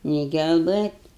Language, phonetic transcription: Lithuanian, nei gelˈbɘt'

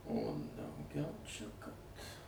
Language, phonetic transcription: Lithuanian, o dauˈgiau ˈčia ˈkad

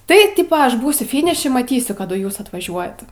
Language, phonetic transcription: Lithuanian, tai ˈtypa ˈaš ˈbūsiu ˈfiniši maˈtysiu ˈkadu ˈjūs atvaˈžiuojat

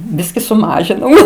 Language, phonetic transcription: Lithuanian, ˈbiski suˈmažinau

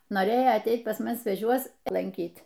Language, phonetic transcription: Lithuanian, noˈrėjo atˈeit pas ˈmus sveˈčiuos lanˈkyt

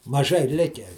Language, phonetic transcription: Lithuanian, maˈžai ˈlikę

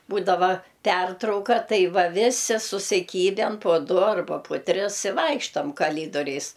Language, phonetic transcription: Lithuanian, ˈbūdava ˈpertrauka ˈtai ˈva ˈvisi susiˈkyben po ˈdu arˈba pu ˈtris i ˈvaikštam kaˈlydoriais

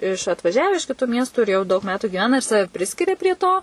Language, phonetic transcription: Lithuanian, iš atvaˈžiave iš kiˈtų ˈmiestų ir jau daug ˈmetų giˈvena ir ˈsave ˈpriskiria prie ˈto

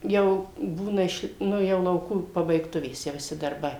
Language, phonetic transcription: Lithuanian, ˈjau ˈbūna iš ˈnu jau lauˈkų pabaigˈtuvės tie viˈsi darˈbai

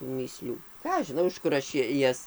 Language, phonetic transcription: Lithuanian, tų mįˈslių ˈką aš žiˈnau iš ˈkur aš ˈjas

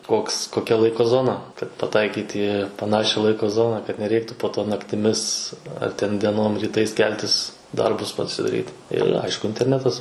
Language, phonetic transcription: Lithuanian, ˈkoks koˈkia ˈlaiko ˈzona kad paˈtaikyt į paˈnašia ˈlaiko ˈzona kad neˈreiktu po ˈto naktiˈmis ar ten dieˈnom ryˈtais ˈkeltis ˈdarbus pasidaˈryt ir ˈaišku interˈnetas

